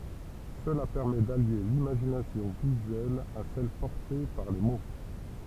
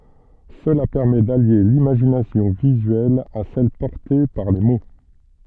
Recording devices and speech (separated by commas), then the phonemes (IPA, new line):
temple vibration pickup, soft in-ear microphone, read sentence
səla pɛʁmɛ dalje limaʒinasjɔ̃ vizyɛl a sɛl pɔʁte paʁ le mo